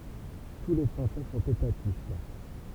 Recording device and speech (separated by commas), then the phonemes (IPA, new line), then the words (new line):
temple vibration pickup, read sentence
tu le fʁɑ̃sɛ sɔ̃t etatist
Tous les Français sont étatistes.